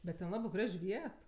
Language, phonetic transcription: Lithuanian, bet ten ˈlabɜ ˈgraž' ˈviet

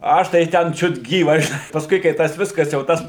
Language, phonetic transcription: Lithuanian, ˈaš tai ˈten čiut ˈgyvas žiˈnai pasˈkui kai ˈtas ˈviskas jau ˈtas

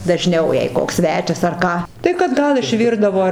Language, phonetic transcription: Lithuanian, daˈžniau jei ˈkoks ˈsvečias ar ˈką tai kad ˈgal išˈvirdavo

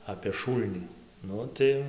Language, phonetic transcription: Lithuanian, apė ˈšūlnį ˈnu tai

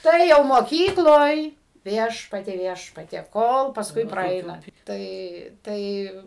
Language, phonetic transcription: Lithuanian, ˈtai jau moˈkykloj ˈviešpatie ˈviešpatie ˈkol pasˈkui praˈeina ˈtai ˈtai

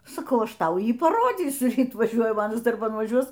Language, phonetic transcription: Lithuanian, saˈkau ˈaš ˈtau ˈjį paˈrodzysiu ˈryt vaˈžiuoja ˈmanas darˈban vaˈžiuos

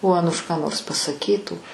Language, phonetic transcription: Lithuanian, o ˈanuš ką nors pasaˈkytų

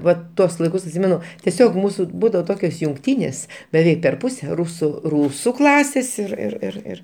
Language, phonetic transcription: Lithuanian, ˈva ˈtuos laiˈkus atˈsimenu tieˈsiog ˈmūsu ˈbūdavo ˈtokios jungˈtynės beˈveik per ˈpuse ˈrusu ˈrūsu ˈklasės ir ir ir ˈir

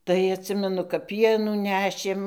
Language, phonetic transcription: Lithuanian, tai atˈsimenu kap ˈpienų ˈnešėm

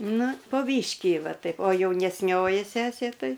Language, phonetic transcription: Lithuanian, ˈnu po ˈbyškį ˈva ˈtaip o jaunesˈnioji ˈsesė ˈtai

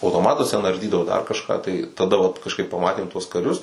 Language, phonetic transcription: Lithuanian, autoˈmatus ten arˈdydavo dar kažˈką tai taˈda vat kažˈkaip paˈmatėm tuos kaˈrius

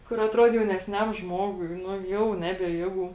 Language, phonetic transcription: Lithuanian, ˈkur atˈruod jaunesˈniam ˈžmogui ˈnu ˈjau ˈnebie ˈjėˌgų

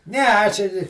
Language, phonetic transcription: Lithuanian, ˈne ˈaš ir

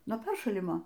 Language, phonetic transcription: Lithuanian, nuo ˈperšalimo

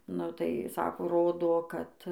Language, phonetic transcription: Lithuanian, nu tai ˈsako ˈrodo ˈkad

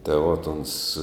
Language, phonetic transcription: Lithuanian, tai ˈvot ˈons

